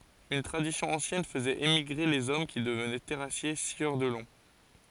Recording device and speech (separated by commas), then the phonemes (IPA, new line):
forehead accelerometer, read sentence
yn tʁadisjɔ̃ ɑ̃sjɛn fəzɛt emiɡʁe lez ɔm ki dəvnɛ tɛʁasje sjœʁ də lɔ̃